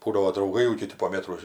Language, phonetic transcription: Lithuanian, ˈbūdavo drauˈgai jau kiˈti po ˈmėtro

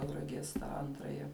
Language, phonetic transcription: Lithuanian, tauraˈgies tą ˈantraja

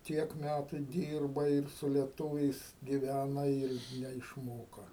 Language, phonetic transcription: Lithuanian, ˈtiek ˈmætu ˈdyrbai ir su lieˈtūviais giˈvæna ir neišˈmoka

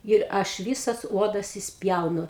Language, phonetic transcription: Lithuanian, ir ˈaš ˈvysas ˈuodas išsˈpjaunu

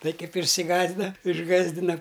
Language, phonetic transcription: Lithuanian, ˈtai ˈkaip išsiˈgąsdina išˈgasdina

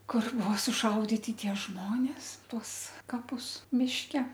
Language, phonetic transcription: Lithuanian, ˈkur ˈbuo suˈšauditi ˈtie ˈžmonės ˈtuos kaˈpus mišˈke

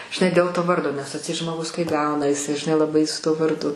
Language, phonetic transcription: Lithuanian, žiˈnai dėl to ˈvardo nes atˈseit žmoˈgus kai ˈgauna jiˈsai žiˈnai laˈbai su tuo varˈdu

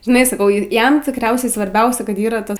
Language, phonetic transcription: Lithuanian, žiˈnai saˈkau ˈjam tikˈriausiai svarˈbiausia ˈkad ˈyra ˈtas

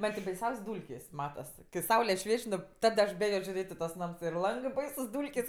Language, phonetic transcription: Lithuanian, ˈman ti baiˈsiaus' ˈdūlkės' ˈmatas ki ˈsaule ˈšvieč' ˈnu ˈtad aš ˈbėjo žiuˈrėt' i tuos ˈnams ir ˈlangɜ ˈbaisus ˈdūlkės'

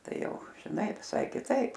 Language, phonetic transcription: Lithuanian, ˈtai ˈjau žiˈnai viˈsai kiˈtaip

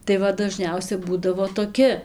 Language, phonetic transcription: Lithuanian, tai ˈva daˈžniausia ˈbūdavo toˈki

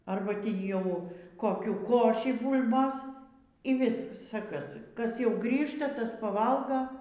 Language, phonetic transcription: Lithuanian, ˈarba ˈtį ˈjau koˈkių ˈkošį ˈbūl'bos y ˈvisa ˈkas ˈ kas ˈjau ˈgrįžta ˈtas paˈvalga

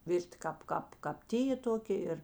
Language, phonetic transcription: Lithuanian, ˈvirti ˈkāp ˈkāp kāp ˈtyjė ˈtokė ˈir

